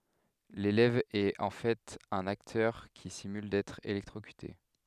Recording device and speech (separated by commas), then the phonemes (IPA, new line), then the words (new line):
headset microphone, read sentence
lelɛv ɛt ɑ̃ fɛt œ̃n aktœʁ ki simyl dɛtʁ elɛktʁokyte
L'élève est en fait un acteur qui simule d'être électrocuté.